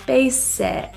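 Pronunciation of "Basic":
In 'basic', the i is pronounced as a lower eh sound.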